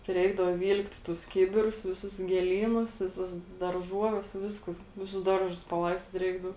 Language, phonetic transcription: Lithuanian, ti ˈreikdavo ˈvyl'kt' tus ˈkibirus viˈsus gėˈlynus viˈsas darˈžuoves ˈvisku ˈviˌsus ˈdarˌžus paˈlaistyt ˈreikdau

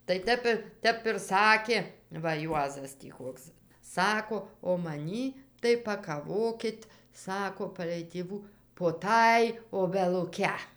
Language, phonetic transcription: Lithuanian, tai ˈtep i ˈtep ir ˈsakė va ˈjuozas tį ˈkoks ˈsako o maˈnį tai pakaˈvokit ˈsako palei tėˈvų po ˈtąj obeluˈke

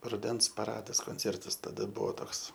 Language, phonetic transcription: Lithuanian, ruˈdens paˈradas konˈcėrtas taˈda ˈbuo ˈtoks

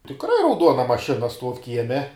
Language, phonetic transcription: Lithuanian, tikˈrai rauˈduona maˈšina ˈstuov ˈkieme

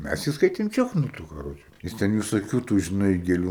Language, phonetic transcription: Lithuanian, ˈmæs ˈjį ˈskaitem ˈčiochnūtu kaˈroče ˈjis ten visoˈkių tų žiˈnai gėˈlių

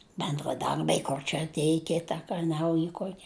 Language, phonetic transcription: Lithuanian, bendraˈdarbiai ˈkor čia atˈėj ˈkita ka ˈnauji ˈkuoki

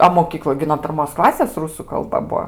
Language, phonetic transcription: Lithuanian, a moˈkykloj gi no pirˈmos ˈklasės ˈrusu kalˈba ˈbuo

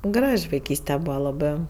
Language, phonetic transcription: Lithuanian, ˈgraž' vaiˈkyste ˈbūva laˈbɜ

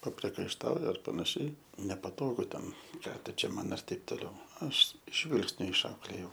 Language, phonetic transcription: Lithuanian, papriekaišˈtauja ar panaˈšiai nepaˈtogu ˈten ˈką tu čia ˈman ir ˈtaip toˈliau ˈaš ˈžvilgsniu išˈauklėjau

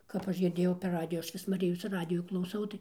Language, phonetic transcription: Lithuanian, kap ˈaš girˈdėjau per ˈradiju ˈaš ˈvis ˈmarijos ˈradijų klauˈsau tai

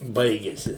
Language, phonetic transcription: Lithuanian, ˈbaigiasi

